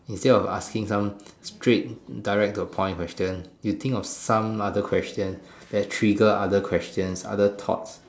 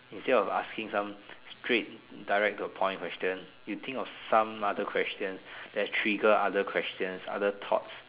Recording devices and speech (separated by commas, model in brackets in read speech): standing microphone, telephone, conversation in separate rooms